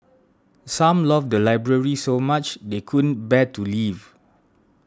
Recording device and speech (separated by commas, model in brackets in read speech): standing microphone (AKG C214), read sentence